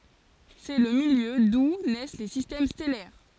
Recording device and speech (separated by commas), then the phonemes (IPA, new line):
forehead accelerometer, read sentence
sɛ lə miljø du nɛs le sistɛm stɛlɛʁ